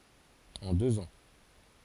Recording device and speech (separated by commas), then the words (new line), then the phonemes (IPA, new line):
forehead accelerometer, read sentence
En deux ans.
ɑ̃ døz ɑ̃